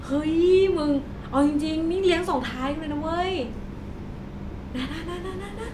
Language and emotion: Thai, happy